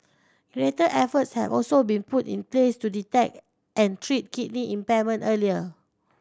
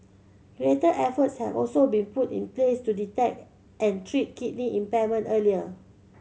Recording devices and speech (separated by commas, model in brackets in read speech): standing microphone (AKG C214), mobile phone (Samsung C7100), read sentence